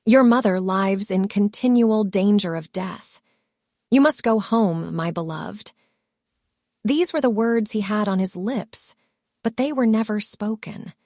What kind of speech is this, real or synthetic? synthetic